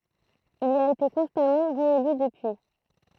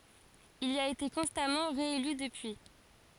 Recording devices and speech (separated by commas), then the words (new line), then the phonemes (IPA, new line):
throat microphone, forehead accelerometer, read sentence
Il y a été constamment réélu depuis.
il i a ete kɔ̃stamɑ̃ ʁeely dəpyi